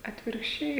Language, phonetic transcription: Lithuanian, atvirkšˈčiai

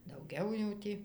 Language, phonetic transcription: Lithuanian, dauˈgiau jau ˈtį

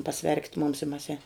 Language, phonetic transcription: Lithuanian, paˈsverkit mums i mas en

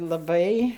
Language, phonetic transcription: Lithuanian, laˈbai

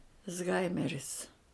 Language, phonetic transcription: Lithuanian, izˈhaimeris

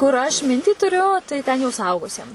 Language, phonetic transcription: Lithuanian, kur aš ˈmintį tuˈriu tai ten jau suˈaugusiem

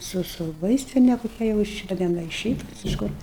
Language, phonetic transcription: Lithuanian, ˈsu su ˈvaistine koˈkia jau ˈiš da ten ˈgal' ir ˈšiaip iš ˈkur

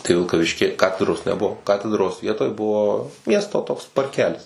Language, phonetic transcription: Lithuanian, tai vilkaˈviški ˈkatedros neˈbuo ˈkatedros ˈvietoj ˈbuvo ˈmiesto toks parˈkelis

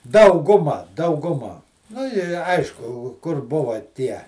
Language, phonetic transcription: Lithuanian, ˈdauˌguma dauguˈma nu i ˈaišku kur ˈbuva ˈtie

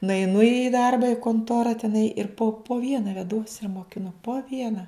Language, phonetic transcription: Lithuanian, nueiˈnu į ˈdarba i konˈtora teˈnai ir po po ˈviena veˈduos ir mokiˈnu po ˈviena

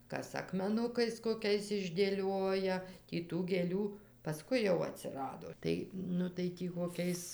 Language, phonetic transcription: Lithuanian, ˈkas akmeˈnukais koˈkiais išdėˈlioja tį ˈtų gėˈlių paˈskui jau atsiˈrado ˈtai nu tai ˈtį koˈkiais

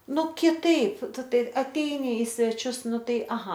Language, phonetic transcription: Lithuanian, ˈnu kiˈtaip ˈtu ˈtai aˈteini i sveˈčius ˈnu ˈtai aˈha

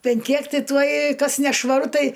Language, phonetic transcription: Lithuanian, ˈpen ˈkiek ˈti tuoj ˈkas nešvaˈru ˈtai

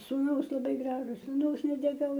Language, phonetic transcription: Lithuanian, sūˈnaus laˈbai ˈgražus suˈnaus neteˈkau

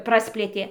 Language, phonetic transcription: Lithuanian, ˈprasplėtė

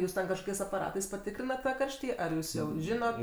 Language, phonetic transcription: Lithuanian, ˈjūs ten kažˈkokiais apaˈratais paˈtikrinat tą ˈkarštį ar ˈjūs jau ˈžinot

